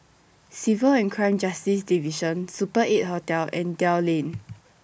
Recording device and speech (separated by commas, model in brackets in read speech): boundary microphone (BM630), read sentence